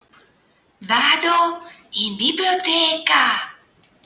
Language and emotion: Italian, surprised